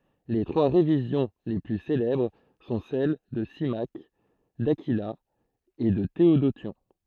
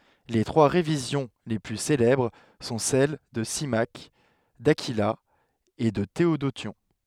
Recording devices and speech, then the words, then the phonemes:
throat microphone, headset microphone, read sentence
Les trois révisions les plus célèbres sont celles de Symmaque, d'Aquila et de Théodotion.
le tʁwa ʁevizjɔ̃ le ply selɛbʁ sɔ̃ sɛl də simak dakila e də teodosjɔ̃

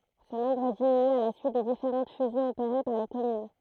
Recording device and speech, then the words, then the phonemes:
throat microphone, read sentence
Ce nombre diminue à la suite des différentes fusions opérées par les communes.
sə nɔ̃bʁ diminy a la syit de difeʁɑ̃t fyzjɔ̃z opeʁe paʁ le kɔmyn

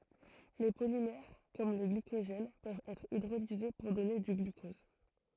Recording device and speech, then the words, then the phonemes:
throat microphone, read sentence
Les polymères comme le glycogène peuvent être hydrolysés pour donner du glucose.
le polimɛʁ kɔm lə ɡlikoʒɛn pøvt ɛtʁ idʁolize puʁ dɔne dy ɡlykɔz

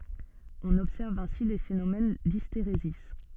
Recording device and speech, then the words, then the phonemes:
soft in-ear microphone, read sentence
On observe ainsi des phénomènes d'hystérésis.
ɔ̃n ɔbsɛʁv ɛ̃si de fenomɛn disteʁezi

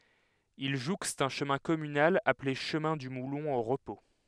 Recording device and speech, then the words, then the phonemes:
headset microphone, read sentence
Il jouxte un chemin communal appelé chemin du Moulon au repos.
il ʒukst œ̃ ʃəmɛ̃ kɔmynal aple ʃəmɛ̃ dy mulɔ̃ o ʁəpo

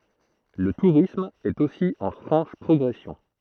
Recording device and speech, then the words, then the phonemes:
throat microphone, read sentence
Le tourisme est aussi en franche progression.
lə tuʁism ɛt osi ɑ̃ fʁɑ̃ʃ pʁɔɡʁɛsjɔ̃

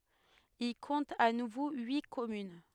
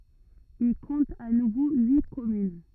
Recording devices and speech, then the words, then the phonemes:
headset microphone, rigid in-ear microphone, read sentence
Il compte à nouveau huit communes.
il kɔ̃t a nuvo yi kɔmyn

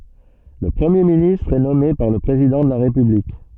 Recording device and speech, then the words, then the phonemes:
soft in-ear microphone, read sentence
Le Premier ministre est nommé par le président de la République.
lə pʁəmje ministʁ ɛ nɔme paʁ lə pʁezidɑ̃ də la ʁepyblik

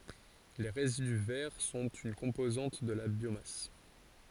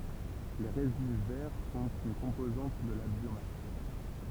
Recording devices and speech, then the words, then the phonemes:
forehead accelerometer, temple vibration pickup, read sentence
Les résidus verts sont une composante de la biomasse.
le ʁezidy vɛʁ sɔ̃t yn kɔ̃pozɑ̃t də la bjomas

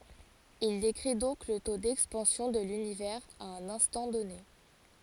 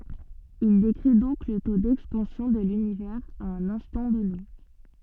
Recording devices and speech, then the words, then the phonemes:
forehead accelerometer, soft in-ear microphone, read sentence
Il décrit donc le taux d'expansion de l'univers à un instant donné.
il dekʁi dɔ̃k lə to dɛkspɑ̃sjɔ̃ də lynivɛʁz a œ̃n ɛ̃stɑ̃ dɔne

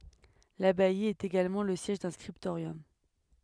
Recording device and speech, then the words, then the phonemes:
headset microphone, read sentence
L'abbaye était également le siège d'un scriptorium.
labaj etɛt eɡalmɑ̃ lə sjɛʒ dœ̃ skʁiptoʁjɔm

